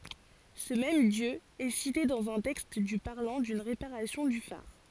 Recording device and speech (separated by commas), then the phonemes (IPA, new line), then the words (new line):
forehead accelerometer, read sentence
sə mɛm djø ɛ site dɑ̃z œ̃ tɛkst dy paʁlɑ̃ dyn ʁepaʁasjɔ̃ dy faʁ
Ce même dieu est cité dans un texte du parlant d'une réparation du phare.